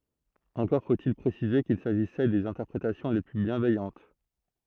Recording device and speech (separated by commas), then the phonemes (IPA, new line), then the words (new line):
throat microphone, read sentence
ɑ̃kɔʁ fotil pʁesize kil saʒisɛ dez ɛ̃tɛʁpʁetasjɔ̃ le ply bjɛ̃vɛjɑ̃t
Encore faut-il préciser qu'il s'agissait des interprétations les plus bienveillantes.